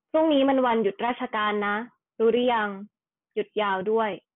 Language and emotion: Thai, neutral